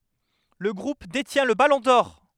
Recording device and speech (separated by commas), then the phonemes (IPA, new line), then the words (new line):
headset microphone, read sentence
lə ɡʁup detjɛ̃ lə balɔ̃ dɔʁ
Le Groupe détient le Ballon d'or.